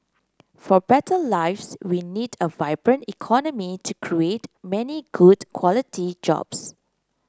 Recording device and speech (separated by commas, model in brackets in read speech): close-talking microphone (WH30), read sentence